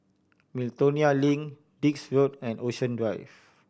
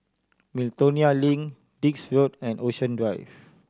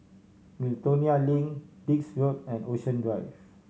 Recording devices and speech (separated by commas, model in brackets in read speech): boundary microphone (BM630), standing microphone (AKG C214), mobile phone (Samsung C7100), read sentence